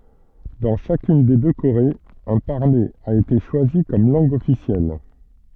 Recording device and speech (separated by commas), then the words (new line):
soft in-ear microphone, read sentence
Dans chacune des deux Corées, un parler a été choisi comme langue officielle.